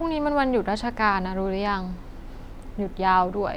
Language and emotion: Thai, frustrated